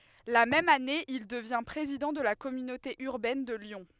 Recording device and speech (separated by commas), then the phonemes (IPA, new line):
headset microphone, read sentence
la mɛm ane il dəvjɛ̃ pʁezidɑ̃ də la kɔmynote yʁbɛn də ljɔ̃